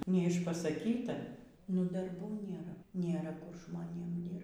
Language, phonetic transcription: Lithuanian, neišpasaˈkyta nu darˈbų ˈnėra nėˈra ˈkur žmoˈnėm ˈdyrbt

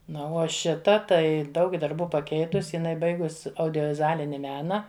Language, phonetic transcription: Lithuanian, ˈnu o ˈšita ˈtai ˈdaug darˈbų paˈkeitus iˈnai ˈbaigus audiovizuˈalini ˈmena

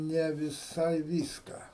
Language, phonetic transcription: Lithuanian, ne viˈsai ˈvyską

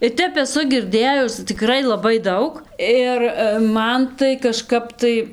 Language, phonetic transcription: Lithuanian, ir ˈtep eˈsu girˈdėjus tikˈrai laˈbai ˈdaug ˈir ˈman tai kaˈžkap tai

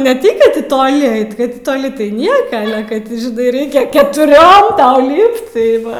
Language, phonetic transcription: Lithuanian, ne ˈtai kad ˈti toˈli ˈait kad ti toˈli tai ˈnieka kad ˈti žiˈnai ˈreikia ketuˈriom ˈtau ˈlypt tai ˈva

